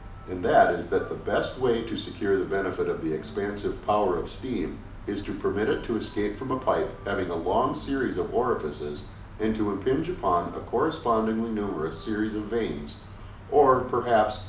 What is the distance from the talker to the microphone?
2.0 m.